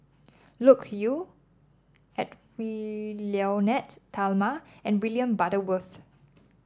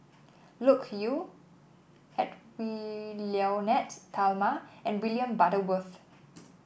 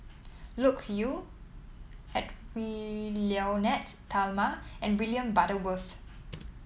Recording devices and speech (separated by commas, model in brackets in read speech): standing microphone (AKG C214), boundary microphone (BM630), mobile phone (iPhone 7), read sentence